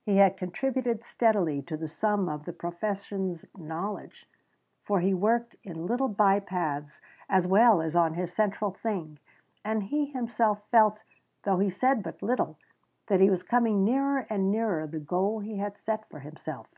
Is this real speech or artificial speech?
real